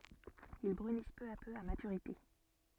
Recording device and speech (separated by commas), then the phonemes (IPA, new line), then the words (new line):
soft in-ear microphone, read sentence
il bʁynis pø a pø a matyʁite
Ils brunissent peu à peu à maturité.